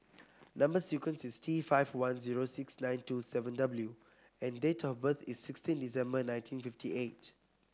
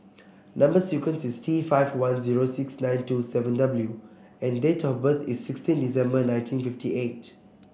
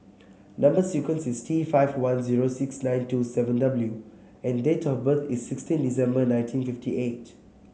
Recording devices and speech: close-talking microphone (WH30), boundary microphone (BM630), mobile phone (Samsung C7), read sentence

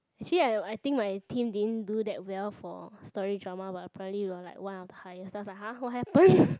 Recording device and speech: close-talking microphone, conversation in the same room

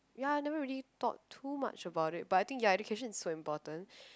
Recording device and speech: close-talking microphone, conversation in the same room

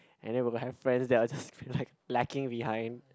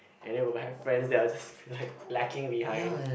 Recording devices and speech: close-talking microphone, boundary microphone, conversation in the same room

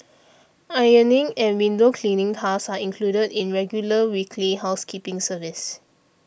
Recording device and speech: boundary microphone (BM630), read sentence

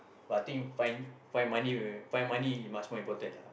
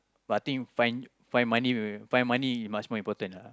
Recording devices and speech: boundary microphone, close-talking microphone, conversation in the same room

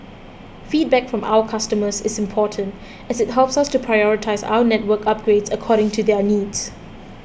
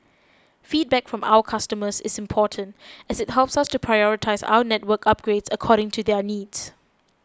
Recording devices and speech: boundary microphone (BM630), close-talking microphone (WH20), read sentence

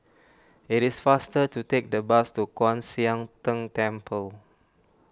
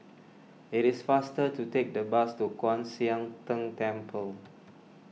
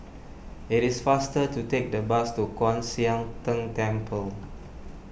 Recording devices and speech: standing microphone (AKG C214), mobile phone (iPhone 6), boundary microphone (BM630), read sentence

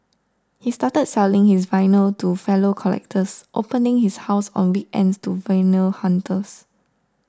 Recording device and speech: standing microphone (AKG C214), read sentence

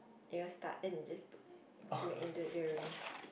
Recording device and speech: boundary microphone, conversation in the same room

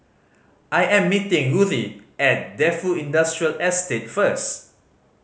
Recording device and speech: mobile phone (Samsung C5010), read sentence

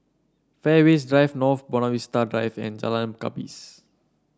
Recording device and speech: standing microphone (AKG C214), read sentence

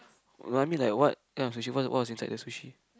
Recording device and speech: close-talking microphone, conversation in the same room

